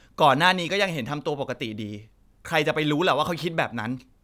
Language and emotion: Thai, frustrated